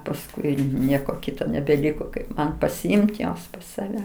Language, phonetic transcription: Lithuanian, pasˈkui ˈnieko ˈkito nebeˈliko kaip ˈman pasiˈimt ˈjuos pas saˈve

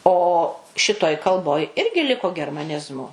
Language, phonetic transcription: Lithuanian, ˈo ˈšitoj kalˈboj ˈirgi ˈliko germaˈnizmu

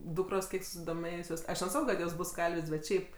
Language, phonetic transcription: Lithuanian, ˈdukros ˈkiek susidoˈmėjusios aš neˈsako kad ˈjos ˈbus ˈkalvės' bet ˈšiaip

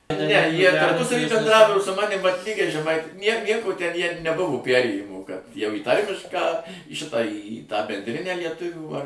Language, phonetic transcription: Lithuanian, ne ˈjie tarˈpusavy benˈdravo o su ˈmanim vat ˈlygiai žeˈmaiti ˈjiem ˈnieko ten ˈjie neˈbuvo ˈpærėjimų jau į ˈtarmišką į ˈšitą į tą bendˈrinę lieˈtuvių ar

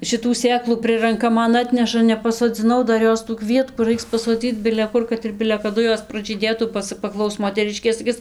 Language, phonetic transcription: Lithuanian, šiˈtų ˈsėklų ˈprɨranka ˈman ˈatneša nepasoˈdzinau ˈdar ˈjos tų ˈkvietkų ˈraiks pasoˈdzyc bile ˈkur kad ir bile kaˈdu ˈjos pražyˈdėtų ba ˈca paˈklaus moteˈriškė saˈkis

